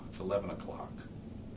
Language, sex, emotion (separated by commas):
English, male, neutral